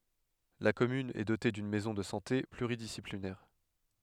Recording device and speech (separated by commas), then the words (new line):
headset microphone, read sentence
La commune est dotée d'une maison de santé pluridisciplinaire.